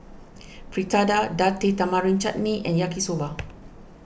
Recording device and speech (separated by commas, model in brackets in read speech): boundary microphone (BM630), read sentence